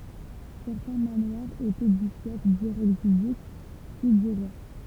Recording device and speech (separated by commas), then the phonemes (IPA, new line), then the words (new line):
temple vibration pickup, read sentence
sɛʁtɛ̃ manwaʁz etɛ dy fjɛf diʁɛkt dy dyk pyi dy ʁwa
Certains manoirs étaient du fief direct du duc, puis du roi.